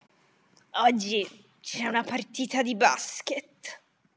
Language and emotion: Italian, disgusted